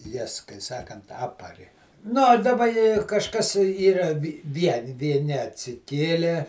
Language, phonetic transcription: Lithuanian, ˈjas kai ˈsakant ˈapari ˈnu o daˈba i kažˈkas ˈyra ˈvieni vieˈni atsiˈkėlė

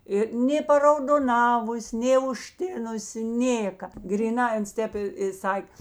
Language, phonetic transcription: Lithuanian, ˈi nė paraudoˈnavus' nė užˈtinusi ˈnėka gryˈnai ˈans ˈtėp i i ˈsak'

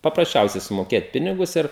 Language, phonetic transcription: Lithuanian, paprasˈčiausiai sumoˈkėt ˈpinigus ˈir

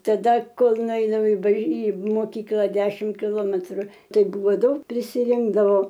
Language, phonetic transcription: Lithuanian, taˈda ˈkol nuˈeinu i baž į moˈkykla ˈdešim kiˈlometru ˈtai ˈbūvo ˈdaug prisiˈrinkdavo

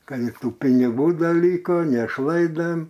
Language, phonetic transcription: Lithuanian, ˈkad i ˈtų piniˈgų ˈda ˈlyko nešˈlaidem

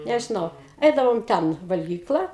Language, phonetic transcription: Lithuanian, nežiˈnau ˈeidavom ˈten valgyˈkla

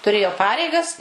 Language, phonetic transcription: Lithuanian, tuˈrėjo ˈpareigas

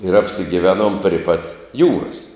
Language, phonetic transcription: Lithuanian, ir apsigiˈvenuom pri pat ˈjūras

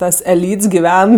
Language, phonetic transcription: Lithuanian, ˈtas eˈlyts giˈven

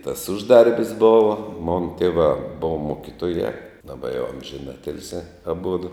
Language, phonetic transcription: Lithuanian, tas ˈužˌdarbis ˈbova ˈmona ˈtėvā ˈbova ˈmokitojā daˈba jau amžiˈnatilsiā aˈbudu

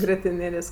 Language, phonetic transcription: Lithuanian, grietiˈnėlės'

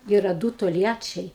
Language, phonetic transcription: Lithuanian, ˈyra ˈdū tolˈjačiai

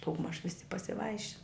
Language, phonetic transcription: Lithuanian, daugˈmaž ˈvisi pasiˈvaišin

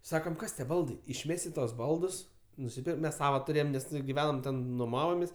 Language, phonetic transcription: Lithuanian, ˈsakam ˈkas tie ˈbaldai išˈmesi ˈtuos ˈbaldus nusiˈpir ˈmes ˈsavo tuˈrėjom ˈnes giˈvenom ˈten nuˈmavomės'

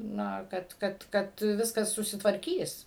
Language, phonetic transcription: Lithuanian, ˈna ˈkad ˈkad ˈkad ˈviskas susitvarˈkys

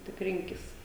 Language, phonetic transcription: Lithuanian, tik ˈrinkis

